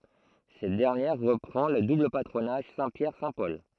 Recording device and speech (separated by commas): throat microphone, read sentence